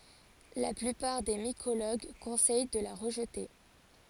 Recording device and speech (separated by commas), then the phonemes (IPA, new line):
forehead accelerometer, read sentence
la plypaʁ de mikoloɡ kɔ̃sɛj də la ʁəʒte